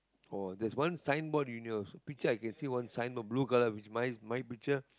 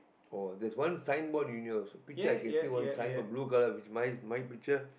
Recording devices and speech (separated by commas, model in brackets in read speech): close-talking microphone, boundary microphone, conversation in the same room